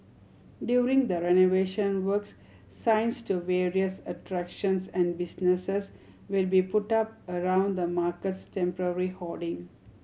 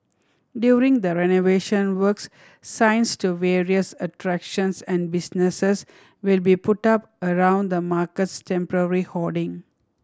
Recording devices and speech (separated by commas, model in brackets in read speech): mobile phone (Samsung C7100), standing microphone (AKG C214), read sentence